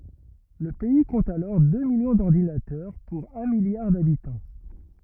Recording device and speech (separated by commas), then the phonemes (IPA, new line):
rigid in-ear microphone, read sentence
lə pɛi kɔ̃t alɔʁ dø miljɔ̃ dɔʁdinatœʁ puʁ œ̃ miljaʁ dabitɑ̃